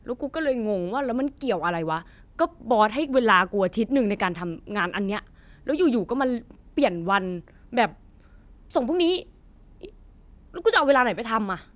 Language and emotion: Thai, angry